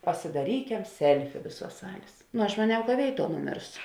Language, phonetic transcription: Lithuanian, pasidaˈrykem ˈselfi ˈvėˌsuos ˈsalės nu aš maˈniau ka ˈvėiˌtuo nuˈmėrsu

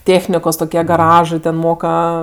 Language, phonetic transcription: Lithuanian, ˈtėchnikos toˈkie gaˈražɜ ˈten ˈmoka

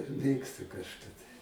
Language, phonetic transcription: Lithuanian, ˈmėgstu kažˈka tai

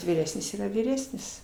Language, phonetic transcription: Lithuanian, vyˈresnis ˈyra vyˈresnis

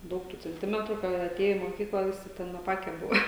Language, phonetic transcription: Lithuanian, ˈdaug tų cenˈtimetru kai jau aˈtėja į moˈkykla ˈvisi ˈten aˈpake ˈbuvo

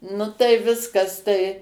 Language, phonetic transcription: Lithuanian, ˈnu tai ˈviskas tai

